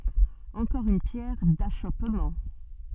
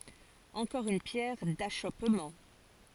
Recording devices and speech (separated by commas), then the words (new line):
soft in-ear microphone, forehead accelerometer, read sentence
Encore une pierre d'achoppement.